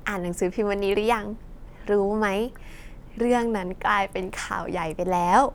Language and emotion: Thai, happy